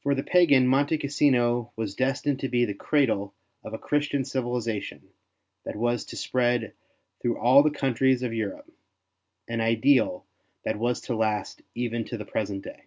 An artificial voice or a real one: real